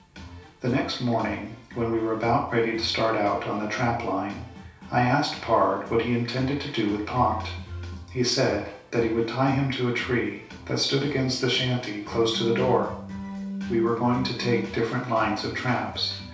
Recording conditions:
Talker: one person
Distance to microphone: 3.0 m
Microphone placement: far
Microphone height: 1.8 m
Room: small (3.7 m by 2.7 m)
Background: music

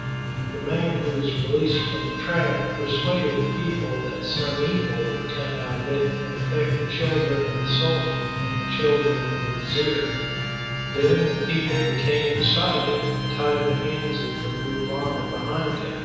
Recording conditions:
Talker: one person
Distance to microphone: 7.1 m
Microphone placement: far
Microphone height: 1.7 m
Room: very reverberant, large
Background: music

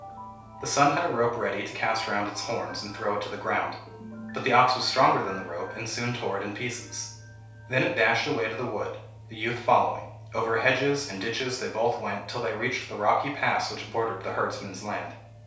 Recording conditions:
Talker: one person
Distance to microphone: 3.0 m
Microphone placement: far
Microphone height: 1.8 m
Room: small (3.7 m by 2.7 m)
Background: music

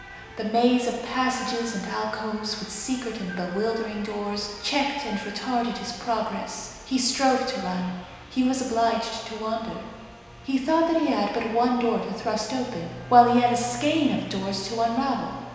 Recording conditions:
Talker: one person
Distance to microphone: 1.7 m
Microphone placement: close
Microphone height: 1.0 m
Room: very reverberant, large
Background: television

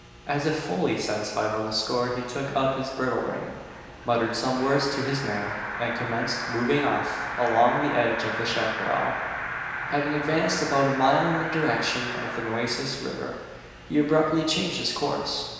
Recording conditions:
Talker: one person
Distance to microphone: 1.7 m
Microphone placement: close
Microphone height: 1.0 m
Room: very reverberant, large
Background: television

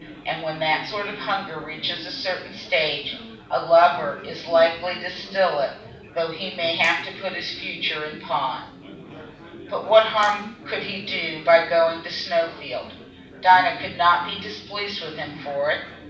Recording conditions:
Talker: one person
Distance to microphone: 5.8 m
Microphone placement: far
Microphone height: 1.8 m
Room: medium-sized (5.7 m by 4.0 m)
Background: babble

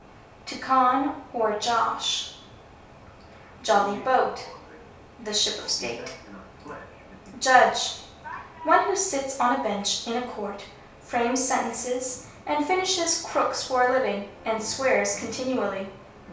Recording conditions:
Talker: one person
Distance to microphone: 3.0 m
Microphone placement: far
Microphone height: 1.8 m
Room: small (3.7 m by 2.7 m)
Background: television

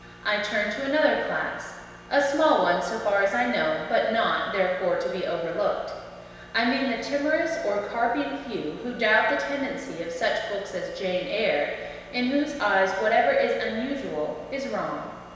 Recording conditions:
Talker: one person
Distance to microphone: 1.7 m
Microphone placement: close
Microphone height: 1.0 m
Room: very reverberant, large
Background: none

